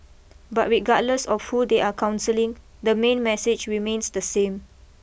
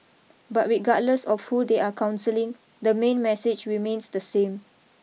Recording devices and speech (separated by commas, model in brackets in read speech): boundary microphone (BM630), mobile phone (iPhone 6), read sentence